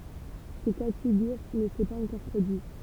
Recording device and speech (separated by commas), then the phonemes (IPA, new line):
temple vibration pickup, read sentence
sə ka də fiɡyʁ nə sɛ paz ɑ̃kɔʁ pʁodyi